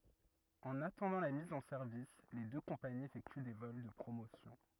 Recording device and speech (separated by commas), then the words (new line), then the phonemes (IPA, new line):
rigid in-ear microphone, read sentence
En attendant la mise en service, les deux compagnies effectuent des vols de promotion.
ɑ̃n atɑ̃dɑ̃ la miz ɑ̃ sɛʁvis le dø kɔ̃paniz efɛkty de vɔl də pʁomosjɔ̃